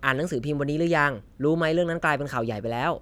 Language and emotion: Thai, neutral